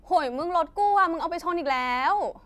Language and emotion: Thai, frustrated